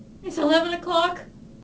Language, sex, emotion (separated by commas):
English, female, fearful